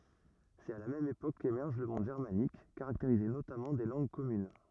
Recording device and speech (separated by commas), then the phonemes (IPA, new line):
rigid in-ear microphone, read sentence
sɛt a la mɛm epok kemɛʁʒ lə mɔ̃d ʒɛʁmanik kaʁakteʁize notamɑ̃ de lɑ̃ɡ kɔmyn